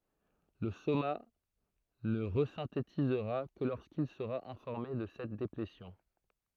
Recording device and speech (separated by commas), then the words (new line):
throat microphone, read sentence
Le soma ne resynthétisera que lorsqu'il sera informé de cette déplétion.